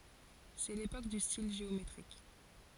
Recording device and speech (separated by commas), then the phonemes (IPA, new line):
forehead accelerometer, read sentence
sɛ lepok dy stil ʒeometʁik